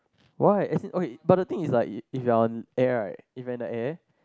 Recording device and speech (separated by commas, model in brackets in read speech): close-talking microphone, conversation in the same room